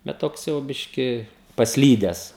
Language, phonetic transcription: Lithuanian, bet ˈtoks jau ˈbiški pasˈlydes

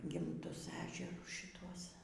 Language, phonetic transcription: Lithuanian, gimˈtus ˈežerus šiˈtuos

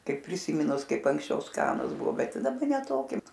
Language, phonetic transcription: Lithuanian, ˈkaip prisiˈmynus ˈkaip anksˈčiau ˈskanus ˈbuvo ˈbet ˈtai daˈba ne ˈtoki

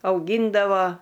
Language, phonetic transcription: Lithuanian, auˈgyndavo

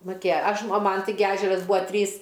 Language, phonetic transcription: Lithuanian, muˈkėja ˈaš a ˈman ˈtigi ˈežeras ˈbua ˈtrys

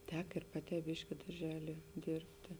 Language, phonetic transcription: Lithuanian, ˈtek ir ˈpaˌtē ˈbiški darˈželie ˈdėrbtė

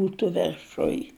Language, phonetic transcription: Lithuanian, ˈbūtu verˈšuj

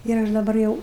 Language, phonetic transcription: Lithuanian, ir ˈaš daˈbar jau

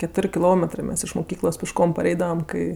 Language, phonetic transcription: Lithuanian, keˈtor' kiˈlometrɜ ˈmes iš muˈkyklos pišˈkom paˈreidavam ˈkai

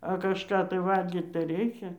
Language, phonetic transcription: Lithuanian, a kažˈką tai ˈvalgyt tai ˈreikia

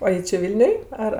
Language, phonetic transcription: Lithuanian, o ˈji či ˈvilniuj ˈar

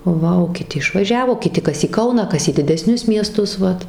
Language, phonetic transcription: Lithuanian, ˈva o kiˈti išvaˈžiavo kiˈti ˈkas į ˈkauną ˈkas į dideˈsnius mieˈstus ˈvat

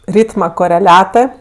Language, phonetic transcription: Lithuanian, ˈrytma koreˈliatɜ

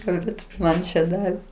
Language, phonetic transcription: Lithuanian, kalˈbėt ˈman čia ˈdavė

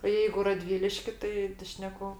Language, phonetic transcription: Lithuanian, o jeigu raˈdvyliški ˈtai tai ˈšneku

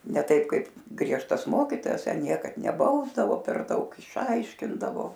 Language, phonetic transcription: Lithuanian, ne ˈtaip ˈkaip ˈgriežtas ˈmokytojas ˈten ˈniekad neˈbausdavo per ˈdaug išˈaiškindavo

